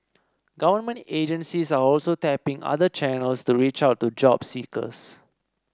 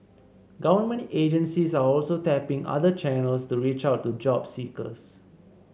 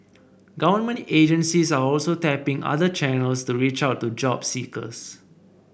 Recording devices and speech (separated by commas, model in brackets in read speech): standing microphone (AKG C214), mobile phone (Samsung C7), boundary microphone (BM630), read sentence